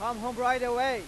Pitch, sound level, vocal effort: 245 Hz, 105 dB SPL, very loud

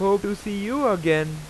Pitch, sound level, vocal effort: 200 Hz, 94 dB SPL, very loud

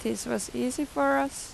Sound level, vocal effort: 87 dB SPL, normal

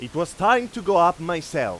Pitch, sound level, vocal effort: 170 Hz, 101 dB SPL, very loud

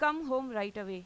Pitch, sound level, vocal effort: 220 Hz, 94 dB SPL, loud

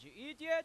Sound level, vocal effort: 103 dB SPL, very loud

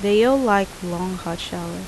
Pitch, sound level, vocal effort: 185 Hz, 81 dB SPL, normal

